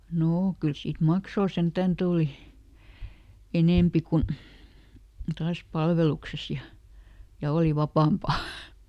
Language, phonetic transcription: Finnish, ˈnoo ˈkyl siit "maksoo ˈsentän ˈtùli , ˈenèmpi kun̬ , ˈtaas ˈpalvelukses ja , ja ˈòli ˈvapàmpa .
- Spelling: no kyllä siitä maksua sentään tuli enempi kuin taas palveluksessa ja ja oli vapaampaa

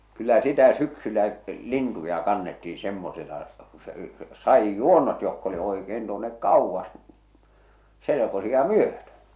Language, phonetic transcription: Finnish, 'kyllä 'sitä 'syksyllä , 'lintuja 'kannettii 'semmosela , ku se , 'sa₍ij"juonnot jokk ‿oli oikeen tuonnek "kauvvas , 'selekosi₍a "myötö .
- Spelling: kyllä sitä syksyllä lintuja kannettiin semmoisella kun se sadinjuonnot jotka oli oikein tuonne kauas selkosia myöten

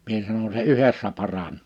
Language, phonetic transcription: Finnish, mie sanon » se "yhessä 'paran[oo] « .
- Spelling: minä sanon se yhdessä paranee

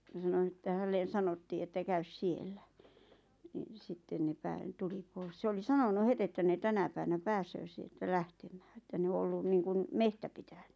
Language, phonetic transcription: Finnish, ʲᵃ sano (että) 'hällen̬ "sanottii että 'käys "siellä , ɴɪ 'sitten ne 'pää'tuli "pᴏɪs sᵉ oli 'sanonu 'het ‿että ne 'tänä päiʷᵃ̈nä "pääsöö sieltä "lähtᴇᴍᴀ̈ᴀ̈ ᵉttä ne o 'ollun 'niiŋkun , "mehtä pitᴀ̈ɴʏ .
- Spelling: ja sanoi että hänelle sanottiin että käy siellä niin sitten ne tuli pois se oli sanonut heti että ne tänä päivänä pääsee sieltä lähtemään että ne on ollut niin kuin metsä pitänyt

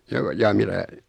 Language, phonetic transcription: Finnish, joo , jaa 'mitä ?
- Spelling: joo jaa mitä

